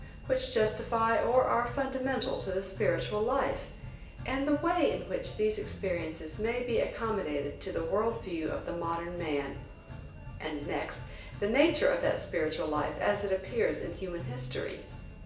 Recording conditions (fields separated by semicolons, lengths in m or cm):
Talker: one person; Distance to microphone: 1.8 m; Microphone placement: close; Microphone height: 1.0 m; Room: large; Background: music